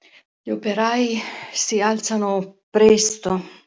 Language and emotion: Italian, sad